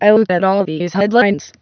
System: TTS, waveform concatenation